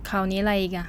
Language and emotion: Thai, frustrated